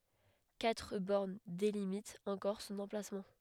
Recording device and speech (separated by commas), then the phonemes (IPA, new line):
headset microphone, read sentence
katʁ bɔʁn delimitt ɑ̃kɔʁ sɔ̃n ɑ̃plasmɑ̃